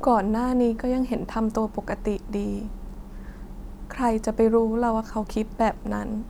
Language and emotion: Thai, sad